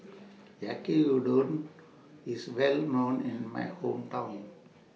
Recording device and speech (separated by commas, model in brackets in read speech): mobile phone (iPhone 6), read sentence